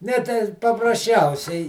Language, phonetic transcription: Lithuanian, ˈne tei paprasˈčiausiai

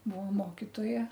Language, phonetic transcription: Lithuanian, ˈbuo ˈmokitoja

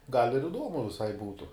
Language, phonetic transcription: Lithuanian, gal' ir iˈduomu viˈsai ˈbūtu

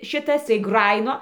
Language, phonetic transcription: Lithuanian, ˈšitas tai ˈgrajino

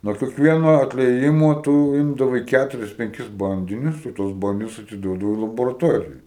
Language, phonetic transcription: Lithuanian, nuo keˈkvieno atlieˈjimo ˈtū ˈimdavai ˈkæturis penˈkis ˈbandinius i tuos ˈbandinius atiˈduodavai laboraˈtorijai

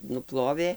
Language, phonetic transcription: Lithuanian, nuˈplovė

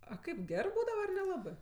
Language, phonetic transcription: Lithuanian, a ˈkaip ˈgerɜ ˈbūdava ar neˈlabɜ

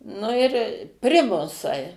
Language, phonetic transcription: Lithuanian, nu ir ˈprimusai

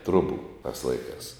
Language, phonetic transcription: Lithuanian, ˈtrubu tas ˈlaiˌkās

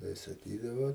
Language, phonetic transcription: Lithuanian, tai saˈkydavo

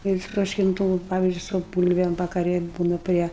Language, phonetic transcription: Lithuanian, jau ištroškinˈtų va ˈpavizdžiui su ˈbūlvem vakaˈri ˈbūna ˈprie

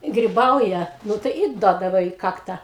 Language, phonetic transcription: Lithuanian, griˈbauja ˈnu tai i ˈduodava į ˈkakta

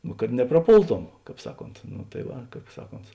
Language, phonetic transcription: Lithuanian, nu kad nepraˈpolˌtom ˈkāp ˈsaˌkont nu tai ˈva ˈkāp ˈsaˌkont

